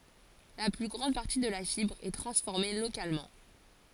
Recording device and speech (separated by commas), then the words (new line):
forehead accelerometer, read sentence
La plus grande partie de la fibre est transformée localement.